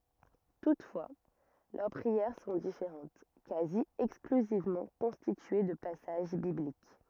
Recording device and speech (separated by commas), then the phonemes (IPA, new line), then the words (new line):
rigid in-ear microphone, read sentence
tutfwa lœʁ pʁiɛʁ sɔ̃ difeʁɑ̃t kazi ɛksklyzivmɑ̃ kɔ̃stitye də pasaʒ biblik
Toutefois, leurs prières sont différentes, quasi exclusivement constituées de passages bibliques.